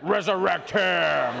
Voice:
deep voice